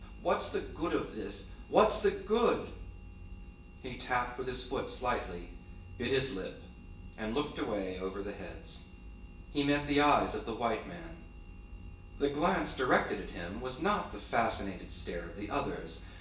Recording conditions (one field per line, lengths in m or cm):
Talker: one person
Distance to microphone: 1.8 m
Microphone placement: close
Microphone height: 1.0 m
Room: large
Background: none